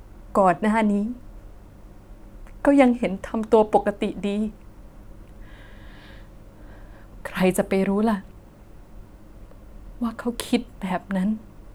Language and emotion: Thai, sad